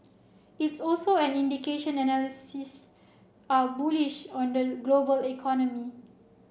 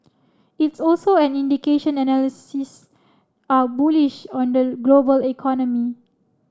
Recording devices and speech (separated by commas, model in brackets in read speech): boundary microphone (BM630), standing microphone (AKG C214), read sentence